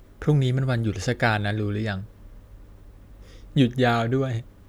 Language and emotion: Thai, neutral